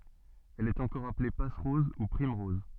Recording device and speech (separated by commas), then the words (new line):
soft in-ear microphone, read sentence
Elle est encore appelée passe-rose ou primerose.